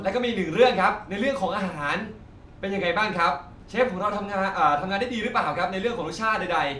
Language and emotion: Thai, happy